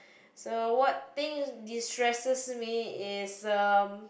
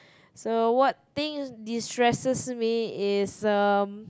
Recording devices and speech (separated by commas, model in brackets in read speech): boundary microphone, close-talking microphone, conversation in the same room